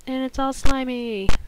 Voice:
whiny tone